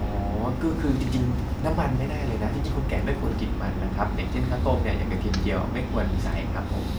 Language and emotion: Thai, neutral